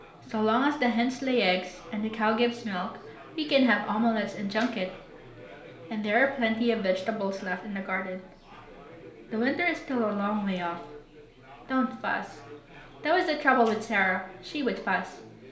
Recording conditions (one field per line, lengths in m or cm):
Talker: one person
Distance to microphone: 1.0 m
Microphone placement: close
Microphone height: 1.1 m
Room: small (3.7 m by 2.7 m)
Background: babble